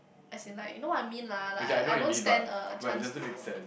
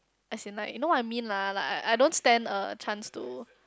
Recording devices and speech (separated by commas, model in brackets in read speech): boundary microphone, close-talking microphone, conversation in the same room